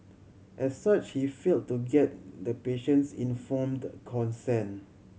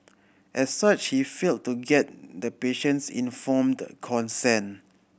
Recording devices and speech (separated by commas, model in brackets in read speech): mobile phone (Samsung C7100), boundary microphone (BM630), read sentence